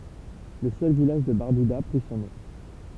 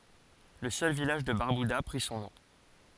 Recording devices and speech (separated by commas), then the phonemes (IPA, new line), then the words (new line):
temple vibration pickup, forehead accelerometer, read sentence
lə sœl vilaʒ də baʁbyda pʁi sɔ̃ nɔ̃
Le seul village de Barbuda prit son nom.